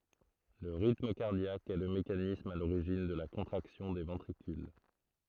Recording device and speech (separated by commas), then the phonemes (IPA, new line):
throat microphone, read sentence
lə ʁitm kaʁdjak ɛ lə mekanism a loʁiʒin də la kɔ̃tʁaksjɔ̃ de vɑ̃tʁikyl